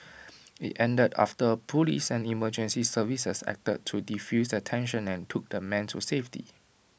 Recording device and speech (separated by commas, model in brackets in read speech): boundary microphone (BM630), read sentence